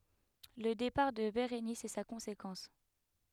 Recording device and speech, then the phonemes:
headset microphone, read sentence
lə depaʁ də beʁenis ɛ sa kɔ̃sekɑ̃s

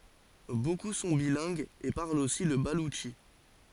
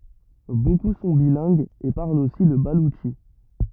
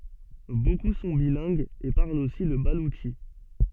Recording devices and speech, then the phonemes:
forehead accelerometer, rigid in-ear microphone, soft in-ear microphone, read sentence
boku sɔ̃ bilɛ̃ɡz e paʁlt osi lə balutʃi

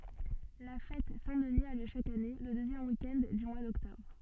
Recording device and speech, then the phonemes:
soft in-ear microphone, read sentence
la fɛt sɛ̃ dəni a ljø ʃak ane lə døzjɛm wik ɛnd dy mwa dɔktɔbʁ

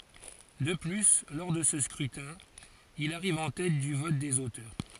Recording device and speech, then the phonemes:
forehead accelerometer, read sentence
də ply lɔʁ də sə skʁytɛ̃ il aʁiv ɑ̃ tɛt dy vɔt dez otœʁ

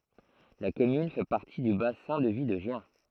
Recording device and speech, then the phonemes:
throat microphone, read sentence
la kɔmyn fɛ paʁti dy basɛ̃ də vi də ʒjɛ̃

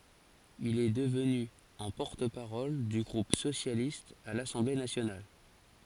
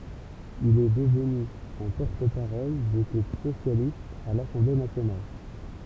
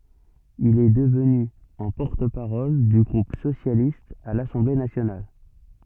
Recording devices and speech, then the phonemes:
forehead accelerometer, temple vibration pickup, soft in-ear microphone, read sentence
il ɛ dəvny ɑ̃ pɔʁt paʁɔl dy ɡʁup sosjalist a lasɑ̃ble nasjonal

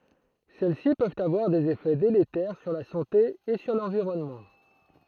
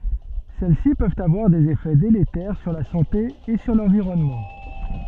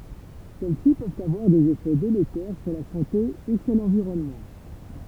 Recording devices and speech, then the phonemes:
throat microphone, soft in-ear microphone, temple vibration pickup, read sentence
sɛl si pøvt avwaʁ dez efɛ deletɛʁ syʁ la sɑ̃te e syʁ lɑ̃viʁɔnmɑ̃

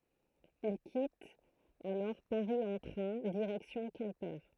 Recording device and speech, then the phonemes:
throat microphone, read sentence
il kitt alɔʁ paʁi ɑ̃ tʁɛ̃ diʁɛksjɔ̃ kɛ̃pe

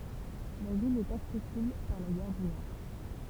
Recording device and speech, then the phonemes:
temple vibration pickup, read sentence
la vil ɛt aksɛsibl paʁ la ɡaʁ dy nɔʁ

